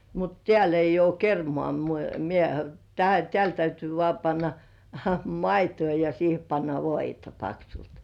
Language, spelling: Finnish, mutta täällä ei ole kermaa - minä - täällä täytyy vain panna maitoa ja siihen panna voita paksulti
- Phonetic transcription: mut "tĕ§ä̀l ‿'eij̆j ‿uo "kermŏà mu- mie teä- 'tĕä̀l täytyy 'vŏà panna "maituu- ja siihe panna "voita 'paksult .

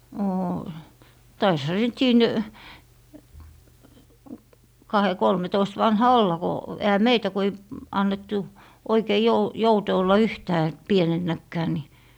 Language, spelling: Finnish, oo taisihan se sitten siinä kahden kolmentoista vanha olla kun eihän meitä kun ei annettu oikein - jouten olla yhtään pienenäkään niin
- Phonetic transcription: oo , 'taisha se sit 'siin , 'kahe - 'kolmetoist 'vanha "olla ko , ehä "meitä ku ei , 'annettu , oikei jou- , 'joute olla "yhtää , 'pienennäkkää ni ,.

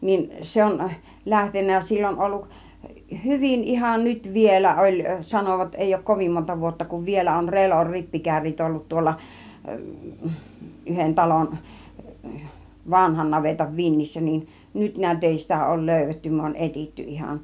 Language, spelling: Finnish, niin se on lähtenyt sillä on ollut hyvin ihan nyt vielä oli sanovat ei ole kovin monta vuotta kun vielä on Relon rippikärryt ollut tuolla yhden talon vanhan navetan vintissä niin nyt näet ei sitä ole löydetty me on etsitty ihan
- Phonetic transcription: niin 'se on , 'lähtennä 'sill ‿on olluk , "hyvin 'ihan nyt 'vielä oĺ , 'sanovat èijj ‿ok 'kovim monta 'vuotta kuv 'vielä on "Relor 'rippikärrit ollut 'tuolla , 'yhen 'talon , 'vanhan navetav 'vinnissä nin , 'nyt ni̬ät 'èi sitä òul "löyv̆vetty 'myö on "etitty 'ihan .

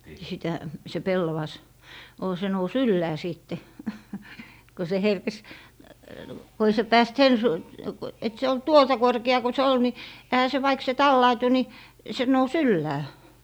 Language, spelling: Finnish, sitä se pellavas oli se nousi ylös sitten kun se herkesi kun ei se päässyt sen - kun että se oli tuota korkea kun se oli niin eihän se vaikka se tallautui niin se nousi ylös
- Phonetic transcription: sitä , se "pellavas ol se nous "yllää 'sìtte , ko se "herkes , ko ei se 'pääst "sen su- , ku , et se ol "tuota 'korke₍a ko se 'ol ni , ehä se vaik se "tallaitu ni , se 'nous "yllää .

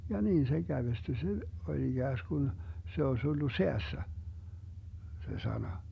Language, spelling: Finnish, ja niin se kävestyi se oli ikään kuin se olisi ollut säässä se sana
- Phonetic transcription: ja 'niin se 'Gävesty se , 'oĺ 'iGääsGun , 'se oś ollu "seässä , 'se 'sana .

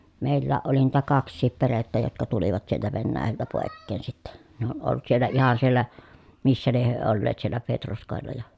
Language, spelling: Finnish, meilläkin oli niitä kaksikin perhettä jotka tulivat sieltä Venäjältä pois sitten ne on ollut siellä ihan siellä missä lie he olleet siellä Petroskoilla ja
- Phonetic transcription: mèillääʼ ʼoli niitä kaks̆siip perettä jotka tulivat sieltä Vennääjältä pòekkeen sitte , ne ‿on olt siellä ihan siellä , missä lieh hyö olleet siellä Petroskòella ja ,.

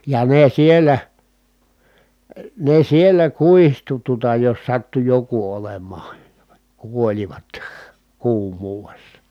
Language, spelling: Finnish, ja ne siellä ne siellä kuihtui tuota jos sattui joku olemaan kuolivat kuumuudessa
- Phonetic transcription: ja ne siel̀ä , ne siel̀ä kuihtu tuᵒta jos sattu joku olem̀aan̬ , kuoĺivat , kuum̀uuvessa .

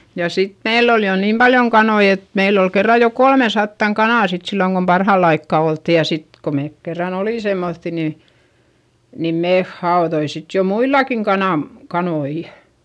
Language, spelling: Finnish, ja sitten meillä oli jo niin paljon kanoja että meillä oli kerran jo kolmesataa kanaa sitten silloin kun parhaalla aikaa oltiin ja sitten kun me kerran olimme semmoisia niin niin me haudoimme jo muillakin - kanoja
- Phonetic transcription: ja sit meill ‿ol jo niim Baljoŋ kanoi et , meill ‿ol kerra jo kolmesattaŋ kanà sit silloŋ kom parhàll ‿aikka oltti ja sit , ko meek kerran ‿olì semmoϑϑi ni , nim meeh haoδoi jo muilakiŋ kanam- , kanoi .

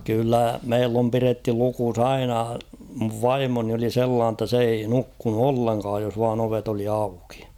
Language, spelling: Finnish, kyllä meillä on pidetty lukossa aina minun vaimoni oli sellainen jotta se ei nukkunut ollenkaan jos vain ovet oli auki
- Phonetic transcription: kyllä 'meill ‿om piretty 'lukus ‿"aina , muv "vaimoni oli "sellaan ‿tta s ‿ei 'nukkunu "olleŋkaaj jos vaan ‿'ovet ‿oli 'aukɪ .

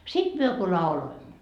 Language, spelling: Finnish, sitten me kun lauloimme
- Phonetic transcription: 'sit "myö ku 'lauloimmo .

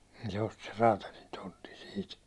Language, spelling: Finnish, niin se osti sen räätälin tontin siitä
- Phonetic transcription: niin se osti ser 'raatalin tontin̬ siit .

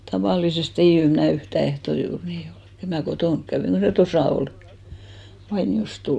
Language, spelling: Finnish, tavallisesti ei - ei minulla enää yhtään ehtoisin uni ollut että en minä kotona käynyt kun se tuossa oli kun vainiosta tullaan
- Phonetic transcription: 'taval̆lisest ‿ei (yh-) , 'ei (minul) enä̀ "yhtä 'ehtosi unì ol , et ‿è mnä̀ "kotòŋk käynk ko se "tosà ol , (ko) 'vainiʲost 'tullà .

